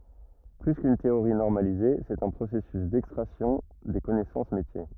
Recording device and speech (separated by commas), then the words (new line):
rigid in-ear microphone, read sentence
Plus qu'une théorie normalisée, c'est un processus d'extraction des connaissances métiers.